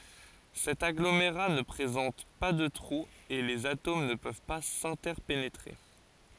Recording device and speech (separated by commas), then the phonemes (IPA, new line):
forehead accelerometer, read sentence
sɛt aɡlomeʁa nə pʁezɑ̃t pa də tʁuz e lez atom nə pøv pa sɛ̃tɛʁpenetʁe